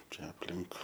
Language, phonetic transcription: Lithuanian, ˈčia apˈlink

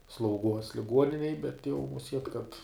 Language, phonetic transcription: Lithuanian, slauˈguos liˈguoninej bet jau muˈsiet kad

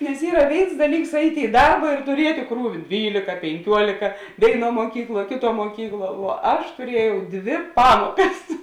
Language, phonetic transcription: Lithuanian, nes ˈyra ˈvėins ˈdaˌlyks ˈaitė i ˈdarba ir tuˈrietė ˈkrūvi ˈdvylėka penˈkiuolėka ˈvėiˌnuo muoˈkykˌluo ˈkėˌtuo muoˈkykˌluo vuo ˈaš tuˈriejau ˈdvi ˈpamuokas

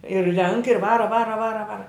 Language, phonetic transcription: Lithuanian, ir renk ir ˈvara ˈvara ˈvara ˈvara

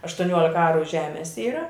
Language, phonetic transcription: Lithuanian, aštuˈniuolika ˈaru ˈžemes ˈyra

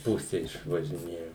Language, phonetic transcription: Lithuanian, ˈpuse išvažiˈnėjo

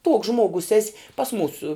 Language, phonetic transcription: Lithuanian, tuoks ˈžmuogus ˈesi pas ˈmūsų

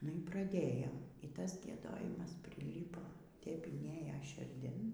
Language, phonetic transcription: Lithuanian, nu y praˈdėjom y ˈtas gieˈdojimas priˈlypo tep inˈėjo širˈdin

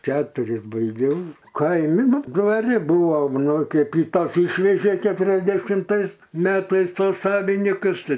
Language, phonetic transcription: Lithuanian, ˈketuris baiˈgiau ˈkaimi ˈnu dvaˈri ˈbūvo ˈnu ˈkeip i ˈtą ˈišvežė keturiasdešimˈtais ˈmetais ˈtos ˈsavinikus ˈtai

